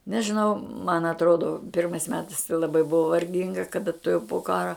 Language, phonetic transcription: Lithuanian, nežiˈnau man atˈrodo ˈpirmais ˈmetais tai laˈbai ˈbuvo varˈginga kaˈda tuˈjau po ˈkara

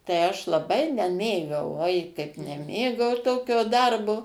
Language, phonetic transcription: Lithuanian, tai ˈaš laˈbai neˈmėgau ˈoi kaip neˈmėgau ˈtokio ˈdarbo

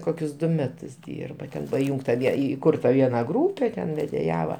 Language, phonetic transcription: Lithuanian, ˈkokius ˈdu ˈmetus ˈdyrba ˈten paˈjūngta ˈvie įˈkurta ˈviena ˈgrūpe ten vedėˈjava

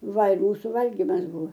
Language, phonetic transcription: Lithuanian, ˈvalg ˈmūsu ˈvalgimas ˈbuva

